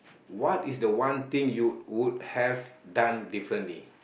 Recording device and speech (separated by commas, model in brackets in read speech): boundary microphone, conversation in the same room